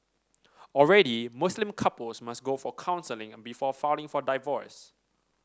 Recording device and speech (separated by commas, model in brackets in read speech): standing microphone (AKG C214), read sentence